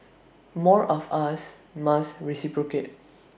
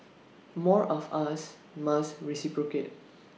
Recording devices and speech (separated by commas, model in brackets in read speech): boundary microphone (BM630), mobile phone (iPhone 6), read sentence